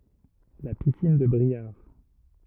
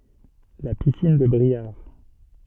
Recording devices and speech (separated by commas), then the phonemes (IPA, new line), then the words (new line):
rigid in-ear microphone, soft in-ear microphone, read sentence
la pisin də bʁiaʁ
La piscine de Briare.